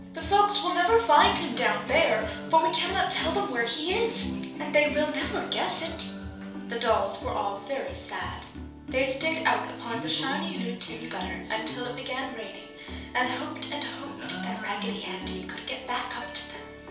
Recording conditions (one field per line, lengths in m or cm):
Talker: one person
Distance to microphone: 3.0 m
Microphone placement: far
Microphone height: 1.8 m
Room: small (3.7 m by 2.7 m)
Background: music